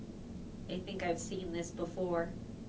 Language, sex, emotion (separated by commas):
English, female, neutral